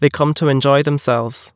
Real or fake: real